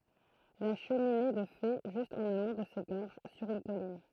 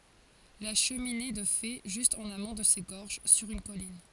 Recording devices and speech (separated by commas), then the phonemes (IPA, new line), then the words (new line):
throat microphone, forehead accelerometer, read sentence
la ʃəmine də fe ʒyst ɑ̃n amɔ̃ də se ɡɔʁʒ syʁ yn kɔlin
La cheminée de fées, juste en amont de ces gorges, sur une colline.